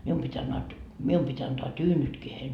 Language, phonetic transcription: Finnish, 'mium pit́ ‿annaat , "mium pit́ ‿antoa "tyynytkii heil .
- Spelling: minun piti - minun piti antaa tyynytkin heille

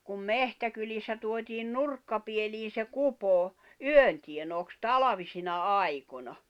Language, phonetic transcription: Finnish, kum "mehtäkylissä tuotiin "nurkkapielii se 'kupò , "yön tienooks "talavisina "aikona .
- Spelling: kuin metsäkylissä tuotiin nurkkapieliin se kupo yön tienooksi talvisina aikoina

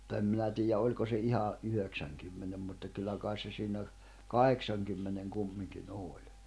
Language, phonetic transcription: Finnish, [mut]ta em 'minä tiijä 'oĺko se iha , 'yhöksäŋkymmenem mutta kyllä kàis se siinä , "kaheksaŋkymmeneŋ 'kummiŋki'n ‿òĺ .
- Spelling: mutta en minä tiedä oliko se ihan yhdeksänkymmenen mutta kyllä kai se siinä kahdeksankymmenen kumminkin oli

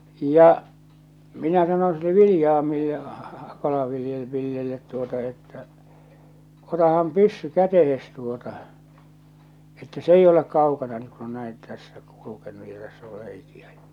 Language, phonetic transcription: Finnish, 'ja , minä sanon̬ sille 'Vilⁱjaamille , 'Kalavilje- , 'Villellet tuota että , » 'otaham "pyssy 'kätehes tuota , että 's ‿ei'j ‿olek 'kaukana ni ku on näin , 'tässä , 'kulukenu ja 'täss ‿or 'reikiä ᴊᴀ « .
- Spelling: ja minä sanoin sille Viljamille - Kala-Villelle tuota että otahan pyssy käteen tuota että se ei ole kaukana niin kun on näin tässä kulkenut ja tässä on reikiä ja

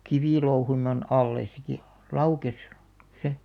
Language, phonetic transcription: Finnish, 'kivì§louhunnon alles se ki- , 'laukes , se .
- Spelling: kivilouhonnan alle se - laukesi se

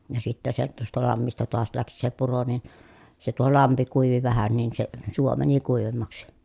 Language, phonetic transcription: Finnish, ja sittä se tuosta lammista toas läksi se puro nin , se tuo lampi kuivi vähän nin se , suo mäni kuivemmaksi .
- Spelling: ja sitten se tuosta lammista taas lähti se puro niin se tuo lampi kuivui vähän niin se suo meni kuivemmaksi

